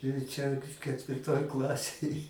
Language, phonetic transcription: Lithuanian, ir ˈčia ketvirˈtoj ˈklasėj

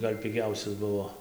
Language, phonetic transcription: Lithuanian, ˈgal' piˈgiausias ˈbuvo

